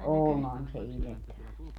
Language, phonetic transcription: Finnish, 'onhan se 'iljettävähän se o .
- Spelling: onhan se iljettävähän se on

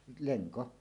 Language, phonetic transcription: Finnish, leŋko .
- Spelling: lenko

